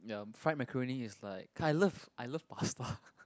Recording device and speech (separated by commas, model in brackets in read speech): close-talking microphone, conversation in the same room